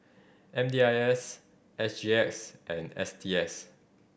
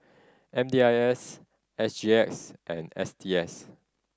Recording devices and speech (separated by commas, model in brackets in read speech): boundary microphone (BM630), standing microphone (AKG C214), read sentence